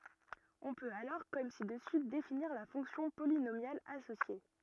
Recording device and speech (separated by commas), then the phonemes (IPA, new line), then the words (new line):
rigid in-ear microphone, read sentence
ɔ̃ pøt alɔʁ kɔm si dəsy definiʁ la fɔ̃ksjɔ̃ polinomjal asosje
On peut alors comme ci-dessus définir la fonction polynomiale associée.